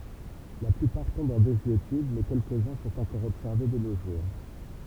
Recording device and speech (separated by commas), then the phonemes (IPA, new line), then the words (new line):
temple vibration pickup, read sentence
la plypaʁ tɔ̃bt ɑ̃ dezyetyd mɛ kɛlkəzœ̃ sɔ̃t ɑ̃kɔʁ ɔbsɛʁve də no ʒuʁ
La plupart tombent en désuétude mais quelques-uns sont encore observés de nos jours.